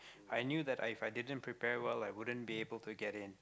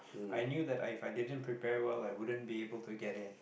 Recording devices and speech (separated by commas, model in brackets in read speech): close-talking microphone, boundary microphone, conversation in the same room